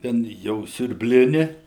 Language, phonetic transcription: Lithuanian, ˈten jau siurbˈlini

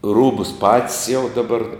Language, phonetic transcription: Lithuanian, ˈrūbus pat's' jau daˈbar

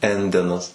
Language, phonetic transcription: Lithuanian, ˈendenas

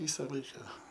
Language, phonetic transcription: Lithuanian, ˈvysa ˈlaika

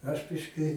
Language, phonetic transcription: Lithuanian, aš ˈbiški

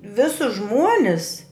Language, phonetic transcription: Lithuanian, ˈvisus ˈžmuonis

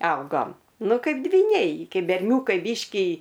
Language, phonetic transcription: Lithuanian, ˈaugom ˈnu ˈkaip dvyˈniai ˈkeip berˈniūkai ˈbyški

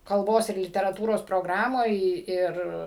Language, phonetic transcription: Lithuanian, kalˈbos ir literaˈtūros proˈgramoj ˈir

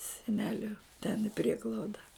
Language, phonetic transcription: Lithuanian, seˈneliu ten i ˈprieglauda

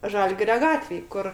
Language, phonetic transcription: Lithuanian, ˈžalgirio ˈgatvėj ˈkur

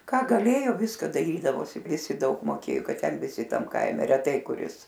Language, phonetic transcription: Lithuanian, ką gaˈlėjo ˈviska daˈrydavosi ˈvisi ˈdaug moˈkėjo ˈkad ˈten viˈsi ˈtam ˈkaime reˈtai kuˈris

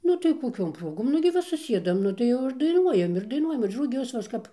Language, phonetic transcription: Lithuanian, ˈnu tai koˈkiom ˈprogom nu gi ˈva suˈsiedam ˈnu tai ˈjau ir daiˈnuojam ir daiˈnuojam ir ruˈgius va ˈaš ˈkap

